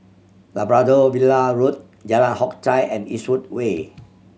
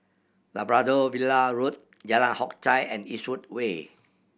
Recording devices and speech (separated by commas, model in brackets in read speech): mobile phone (Samsung C7100), boundary microphone (BM630), read sentence